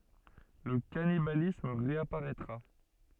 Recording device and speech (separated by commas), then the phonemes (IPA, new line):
soft in-ear microphone, read sentence
lə kanibalism ʁeapaʁɛtʁa